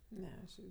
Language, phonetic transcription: Lithuanian, ˈne aš ˈirgi

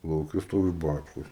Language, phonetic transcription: Lithuanian, lauˈke ˈstovi ˈbačkos

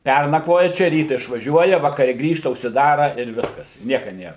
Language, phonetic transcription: Lithuanian, ˈpernakvoja ˈčia ˈryta išvaˈžiuoja vakaˈre ˈgrįžta užsiˈdara ir ˈviskas i ˈnieka ˈnėr

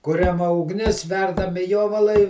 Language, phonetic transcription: Lithuanian, ˈkuriama ugˈnis ˈverdami ˈjovalai

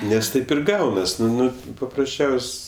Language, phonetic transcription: Lithuanian, nes ˈtaip ir ˈgaunas ˈnu ˈnu paprasˈčiaus'

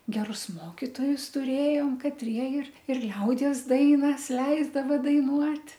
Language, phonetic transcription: Lithuanian, geˈrus ˈmokitojus tuˈrėjom katˈrie ir ir ˈliaudies ˈdainas ˈleisdava daiˈnuot'

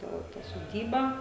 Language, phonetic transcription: Lithuanian, ˈta ta soˈdyba

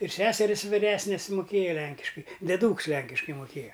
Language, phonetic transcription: Lithuanian, ir ˈseseris viˈresnis muˈkėja ˈlenkiškai deˈdūks ˈlenkiškai muˈkėja

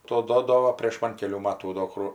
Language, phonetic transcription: Lithuanian, ˈto ˈduodovo prėš ˈman keˈlių ˈmatų do ˈkru

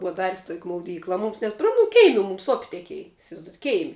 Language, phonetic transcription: Lithuanian, ˈbua ˈdaris' tok' mauˈdykla ˈmums net pro mu ˈkeimi mums op' teˈkiej isivaizˈdojat' ˈkeimi

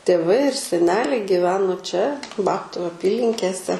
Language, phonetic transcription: Lithuanian, tėˈvai ir seˈneliai giˈveno čia ˈbabtu aˈpylinkėse

